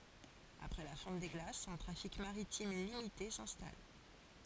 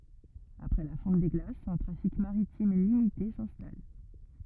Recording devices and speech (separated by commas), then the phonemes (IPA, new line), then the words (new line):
forehead accelerometer, rigid in-ear microphone, read sentence
apʁɛ la fɔ̃t de ɡlasz œ̃ tʁafik maʁitim limite sɛ̃stal
Après la fonte des glaces, un trafic maritime limité s'installe.